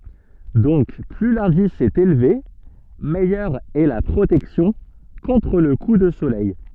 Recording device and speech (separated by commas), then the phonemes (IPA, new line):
soft in-ear microphone, read sentence
dɔ̃k ply lɛ̃dis ɛt elve mɛjœʁ ɛ la pʁotɛksjɔ̃ kɔ̃tʁ lə ku də solɛj